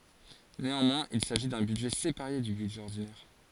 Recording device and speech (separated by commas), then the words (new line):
forehead accelerometer, read sentence
Néanmoins il s'agit d'un budget séparé du budget ordinaire.